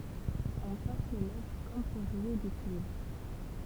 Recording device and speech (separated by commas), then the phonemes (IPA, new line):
temple vibration pickup, read sentence
ɔ̃ pɛ̃s le lɛvʁ kɔm puʁ ʒwe de kyivʁ